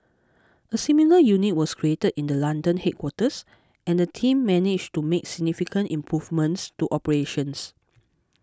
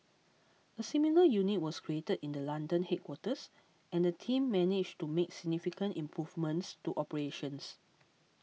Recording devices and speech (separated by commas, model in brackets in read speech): close-talking microphone (WH20), mobile phone (iPhone 6), read sentence